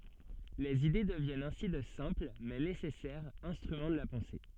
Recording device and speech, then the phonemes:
soft in-ear microphone, read sentence
lez ide dəvjɛnt ɛ̃si də sɛ̃pl mɛ nesɛsɛʁz ɛ̃stʁymɑ̃ də la pɑ̃se

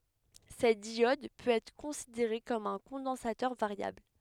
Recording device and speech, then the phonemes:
headset microphone, read sentence
sɛt djɔd pøt ɛtʁ kɔ̃sideʁe kɔm œ̃ kɔ̃dɑ̃satœʁ vaʁjabl

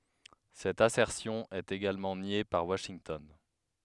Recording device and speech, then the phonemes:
headset microphone, read sentence
sɛt asɛʁsjɔ̃ ɛt eɡalmɑ̃ nje paʁ waʃintɔn

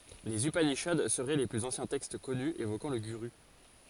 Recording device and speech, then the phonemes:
forehead accelerometer, read sentence
lez ypaniʃad səʁɛ le plyz ɑ̃sjɛ̃ tɛkst kɔny evokɑ̃ lə ɡyʁy

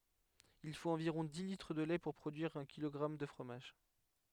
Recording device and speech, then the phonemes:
headset microphone, read sentence
il fot ɑ̃viʁɔ̃ di litʁ də lɛ puʁ pʁodyiʁ œ̃ kilɔɡʁam də fʁomaʒ

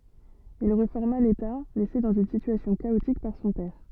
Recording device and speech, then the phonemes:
soft in-ear microphone, read sentence
il ʁefɔʁma leta lɛse dɑ̃z yn sityasjɔ̃ kaotik paʁ sɔ̃ pɛʁ

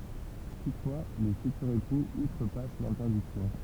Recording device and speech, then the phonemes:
temple vibration pickup, read sentence
tutfwa le fytyʁz epuz utʁəpas lɛ̃tɛʁdiksjɔ̃

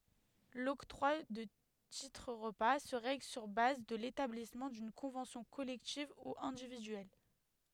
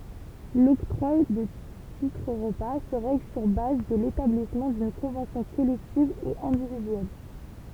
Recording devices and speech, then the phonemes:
headset microphone, temple vibration pickup, read sentence
lɔktʁwa də titʁ ʁəpa sə ʁɛɡl syʁ baz də letablismɑ̃ dyn kɔ̃vɑ̃sjɔ̃ kɔlɛktiv u ɛ̃dividyɛl

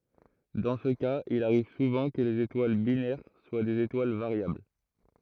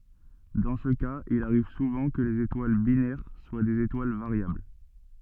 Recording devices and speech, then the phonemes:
throat microphone, soft in-ear microphone, read sentence
dɑ̃ sə kaz il aʁiv suvɑ̃ kə lez etwal binɛʁ swa dez etwal vaʁjabl

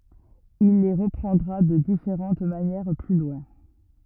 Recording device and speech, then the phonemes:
rigid in-ear microphone, read sentence
il le ʁəpʁɑ̃dʁa də difeʁɑ̃t manjɛʁ ply lwɛ̃

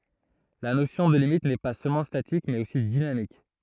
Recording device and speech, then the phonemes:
throat microphone, read sentence
la nosjɔ̃ də limit nɛ pa sølmɑ̃ statik mɛz osi dinamik

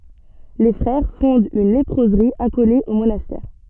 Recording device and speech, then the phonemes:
soft in-ear microphone, read sentence
le fʁɛʁ fɔ̃dt yn lepʁozʁi akole o monastɛʁ

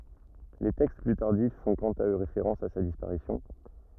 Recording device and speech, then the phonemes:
rigid in-ear microphone, read sentence
le tɛkst ply taʁdif fɔ̃ kɑ̃t a ø ʁefeʁɑ̃s a sa dispaʁisjɔ̃

